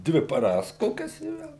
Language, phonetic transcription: Lithuanian, ˈdvi paˈras ˈkokias i ˈvel

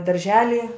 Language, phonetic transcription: Lithuanian, darˈželi

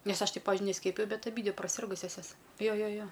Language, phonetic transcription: Lithuanian, ˈnesˈ aš ˈtai ˈpavižiui neˈskiepijau bet aˈbydvi praˈsirgusias ˈjos ˈjo ˈjo ˈjo

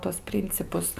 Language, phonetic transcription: Lithuanian, tuos ˈprincipus

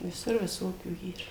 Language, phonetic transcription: Lithuanian, viˈsur viˈsokių ˈyr

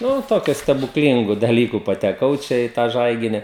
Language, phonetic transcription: Lithuanian, ˈnu ˈtokiu stebukˈlyngu daˈlyku pateˈkau ˈčia į ˈtą ˈžaigini

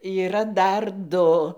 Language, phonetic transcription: Lithuanian, yˈra ˈdar ˈdu

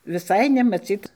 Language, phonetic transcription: Lithuanian, viˈsai nemaˈcyt

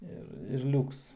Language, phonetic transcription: Lithuanian, ˈir ir ˈliūks

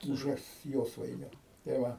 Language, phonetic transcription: Lithuanian, ˈbuves ˈjosvainiu tai ˈva

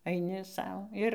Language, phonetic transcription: Lithuanian, aiˈni ˈsau ˈir

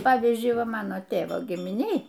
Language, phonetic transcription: Lithuanian, ˈpavyzdžiui ˈva ˈmano ˈtėvo gimiˈnėj

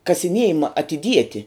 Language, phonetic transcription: Lithuanian, kasiˈniejima atiˈdieti

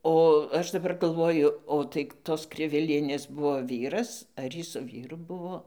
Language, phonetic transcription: Lithuanian, o ˈaš daˈbar galˈvoju o tai ˈtos ˈkrivilienės ˈbuvo ˈvyras ar ˈjy su ˈvyru ˈbuvo

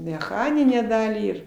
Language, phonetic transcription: Lithuanian, meˈchaninę ˈdalį ir

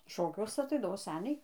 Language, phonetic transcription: Lithuanian, ˈšokiuose aˈtaidavo ˈseniai

